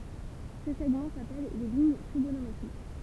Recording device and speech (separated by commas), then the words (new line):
temple vibration pickup, read sentence
Ces segments s'appellent les lignes trigonométriques.